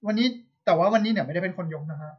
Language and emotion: Thai, neutral